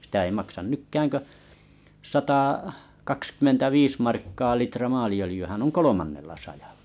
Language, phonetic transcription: Finnish, sⁱtä ei maksan 'nykkääŋ kö , 'satà- , -kakskymmentä'viis markkaa 'litra 'maali₍ölⁱjyhän oŋ "kolomannella sajaʟʟᴀ .
- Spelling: sitä ei maksa nytkään kuin - satakaksikymmentäviisi markkaa litra maaliöljyhän on kolmannella sadalla

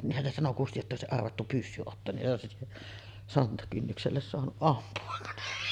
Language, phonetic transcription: Finnish, 'niihhän se sano 'Kusti jotta òesi’ ’arvattu "pyssy 'ottoon niˀ ˀòesi , 'sontakynnykselles soanuˀ 'ˀampu₍a .
- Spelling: niinhän se sanoi Kusti jotta olisi arvattu pyssy ottoon niin olisi sontakynnykselle saanut ampua

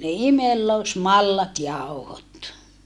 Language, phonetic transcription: Finnish, ne imellosmallatjau̬hot .
- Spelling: ne imellysmallasjauhot

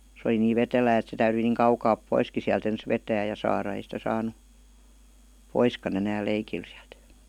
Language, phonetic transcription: Finnish, se °li niiv "vetelää et se 'täyryi niiŋ 'kaukaap "poiski siält ‿ens "vetää ja 'saara ei sitä 'saanu , "poiskan‿ enääl "leikil siält .
- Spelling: se oli niin vetelää että se täytyi niin kaukaa poiskin sieltä ensin vetää ja saada ei sitä saanut poiskaan enää leikillä sieltä

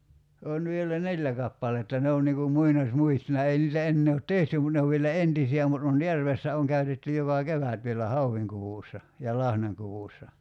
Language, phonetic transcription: Finnish, 'on vielä "neĺĺä kappaletta 'ne on niŋ kum 'muinaś'muistona 'ei niitä 'ennee ot "tehty mut 'ne ov vielä "entisi₍ä mut on 'järvessä oŋ 'käytetty 'joka "kevät vielä 'hauvviŋkuvùssa , ja 'lahnaŋkuvùssa .
- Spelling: on vielä neljä kappaletta ne on niin kuin muinaismuistona ei niitä enää ole tehty mutta ne on vielä entisiä mutta on järvessä on käytetty joka kevät vielä hauenkudussa ja lahnankudussa

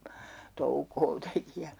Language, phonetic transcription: Finnish, "toukoo teki ja , .
- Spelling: toukoa teki ja

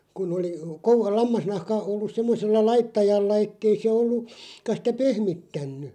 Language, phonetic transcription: Finnish, 'kun ‿oli , ko 'lammasnahka 'ollus 'semmosella "laittajalla 'ettei se ollu- , '-ka sitä "pehmittänny ,.
- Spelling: kun oli kun lammasnahka ollut semmoisella laittajalla että ei se - ollutkaan sitä pehmittänyt

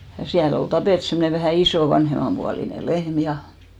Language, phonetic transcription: Finnish, ja siäl ‿ol 'tapèt semmᵒne vähä̀ "isò 'vanhemampualine "lehm ja .
- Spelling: ja siellä oli tapettu semmoinen vähän iso vanhemmanpuoleinen lehmä ja

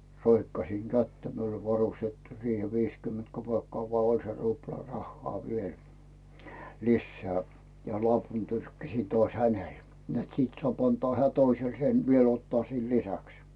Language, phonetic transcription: Finnish, 'roikkasiŋ "kättä miul ‿ol 'varustettu siihe 'viis kyment kopèkkᵒà voa oĺ se rupla 'rahhoa viel , 'lisseä , ja 'lopun 'tyrkkäśi toaś "hänel , net sìt soàp antoa 'heä̀ 'toisel sen , viel ottᵒà siil "lisäks .
- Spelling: roikkasin kättä minulla oli varustettu siihen - viisikymmentä kopeekkaa vaan oli se rupla rahaa vielä lisää ja lopun tyrkkäsin taas hänelle että siitä saa antaa hän toiselle sen vielä ottaa siihen lisäksi

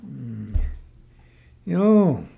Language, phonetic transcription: Finnish, m̥ , "juu !
- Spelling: mm juu

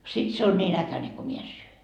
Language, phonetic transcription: Finnish, sit 'se on ńiin "äkäneŋ ko 'mie en 'syö .
- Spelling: sitten se on niin äkäinen kun minä en syö

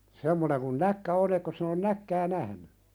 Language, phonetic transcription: Finnish, 'semmoneŋ kun "näkkä on ‿ekkos sin ‿on "näkkää 'nähny ?
- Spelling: semmoinen kuin näkki on etkös sinä ole näkkiä nähnyt

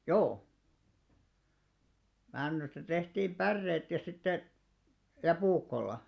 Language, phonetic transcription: Finnish, 'joo , 'männysta 'tehtiim "ʙärreet ja sitte , ja "puukkolla .
- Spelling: joo männystä tehtiin päreet ja sitten ja puukolla

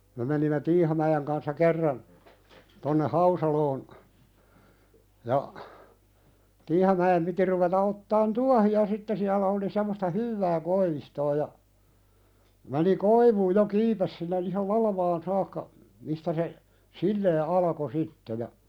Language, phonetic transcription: Finnish, me menimme "Tiihamäjèŋ kanssa 'kerran , tonne "Hausaloon , ja , 'Tiihamä₍em piti ruveta 'ottaan "tuahi₍a 'sitte siälä oli semmosta "hyvvää 'koivistoo ja , meni 'koivuuj jo 'kiipes sinne ihal "lalavaan saakka , mistä se , "sillee alako 'sitte ja ,.
- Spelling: me menimme Tiihamäen kanssa kerran tuonne Hausaloon ja Tiihamäen piti ruveta ottamaan tuohia sitten siellä oli semmoista hyvää koivistoa ja meni koivuun jo kiipesi sinne ihan latvaan saakka mistä se silleen alkoi sitten ja

